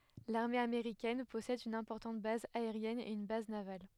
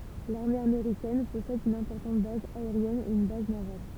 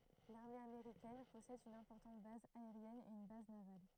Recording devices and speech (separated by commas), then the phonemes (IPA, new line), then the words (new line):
headset microphone, temple vibration pickup, throat microphone, read sentence
laʁme ameʁikɛn pɔsɛd yn ɛ̃pɔʁtɑ̃t baz aeʁjɛn e yn baz naval
L'armée américaine possède une importante base aérienne et une base navale.